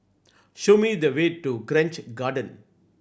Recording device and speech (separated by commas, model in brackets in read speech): boundary microphone (BM630), read sentence